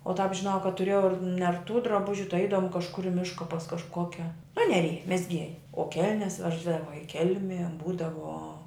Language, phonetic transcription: Lithuanian, o tāp žiˈnau kad tuˈrėjau ir nerˈtų draˈbužiu tai ˈeidavom kažˈkur i ˈmiška pas kažˈkokia aˈnelija mezˈgieja o ˈkelnes ˈveždava i ˈkelmie ˈbūdavo

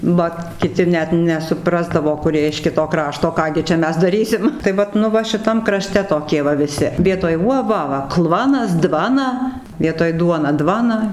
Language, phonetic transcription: Lithuanian, ˈvat kiˈti ˈnet nesuˈprasdavo kuˈrie iš ˈkito ˈkrašto ˈką gi čia ˈmes daˈrysim tai ˈvat nu ˈva šiˈtam kraˈšte toˈkie va viˈsi ˈvietoj ˈuo ˈva va ˈklvanas ˈdvana vietoj ˈduona ˈdvana

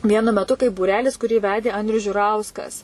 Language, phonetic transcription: Lithuanian, ˈvienu meˈtu kaip būˈrelis kuˈrį ˈvedė ˈandrius žiuˈrauskas

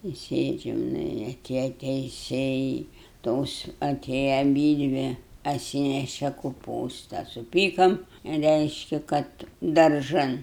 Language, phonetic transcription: Lithuanian, i ˈsėdžiam ˈnu i aˈtėja teiˈsėjai ˈtos aˈtėja aˈbydvi atˈsyneše kuˈpūsta suˈpykam ˈreiški ˈkad darˈžan

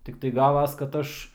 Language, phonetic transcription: Lithuanian, tikˈtai ˈgavas kad ˈaš

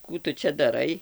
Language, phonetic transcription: Lithuanian, ˈkų tu ˈčia daˈrai

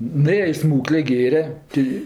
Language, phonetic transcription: Lithuanian, nuˈėja i ˈsmūklė ˈgėre ˈti

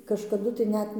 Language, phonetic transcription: Lithuanian, kažkaˈdu tai ˈnet

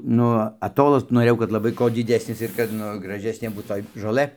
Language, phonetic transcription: Lithuanian, ˈnu aˈtolas noˈrėjau kad laˈbai ko diˈdesnis ir kad ˈnu graˈžesnė ˈbūt toj žoˈlɘ

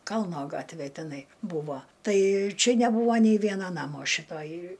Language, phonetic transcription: Lithuanian, ˈkalno ˈgatvė teˈnai ˈbūvo ˈtai ˈčia neˈbūvo nei ˈviena ˈnamo šiˈtoj

